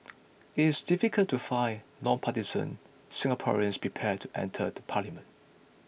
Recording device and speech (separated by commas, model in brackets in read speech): boundary microphone (BM630), read sentence